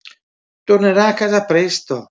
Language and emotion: Italian, neutral